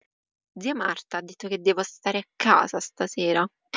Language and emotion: Italian, angry